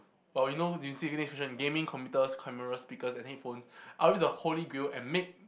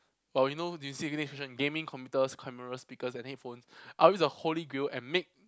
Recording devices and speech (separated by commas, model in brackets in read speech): boundary microphone, close-talking microphone, conversation in the same room